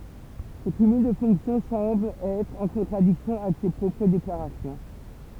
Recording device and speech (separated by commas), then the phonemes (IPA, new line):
temple vibration pickup, read sentence
sə kymyl də fɔ̃ksjɔ̃ sɑ̃bl ɛtʁ ɑ̃ kɔ̃tʁadiksjɔ̃ avɛk se pʁɔpʁ deklaʁasjɔ̃